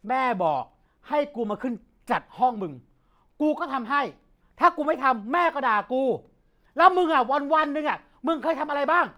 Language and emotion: Thai, angry